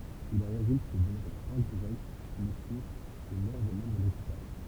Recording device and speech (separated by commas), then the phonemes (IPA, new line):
temple vibration pickup, read sentence
il ɑ̃ ʁezylt de dɔmaʒz ɛ̃diʁɛkt blɛsyʁ u mɔʁ de mɑ̃bʁ dekipaʒ